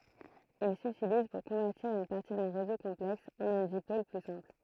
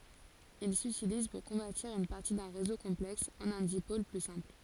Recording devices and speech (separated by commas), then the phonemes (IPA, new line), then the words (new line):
throat microphone, forehead accelerometer, read sentence
il sytiliz puʁ kɔ̃vɛʁtiʁ yn paʁti dœ̃ ʁezo kɔ̃plɛks ɑ̃n œ̃ dipol ply sɛ̃pl
Il s'utilise pour convertir une partie d'un réseau complexe en un dipôle plus simple.